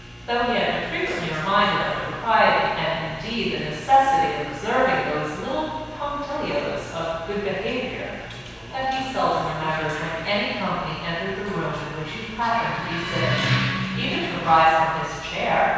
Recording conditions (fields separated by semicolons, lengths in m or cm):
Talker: one person; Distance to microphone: 7.1 m; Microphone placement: far; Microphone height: 1.7 m; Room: very reverberant, large; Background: television